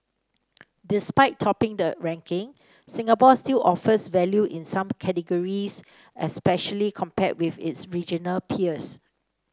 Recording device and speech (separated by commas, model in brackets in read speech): standing microphone (AKG C214), read sentence